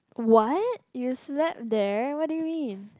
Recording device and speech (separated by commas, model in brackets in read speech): close-talking microphone, conversation in the same room